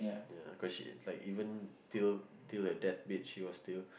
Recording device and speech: boundary microphone, conversation in the same room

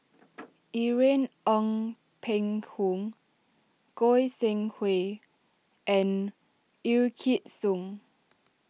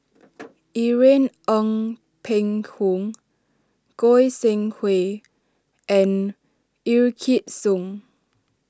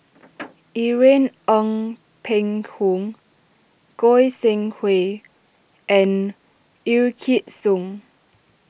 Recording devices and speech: mobile phone (iPhone 6), standing microphone (AKG C214), boundary microphone (BM630), read sentence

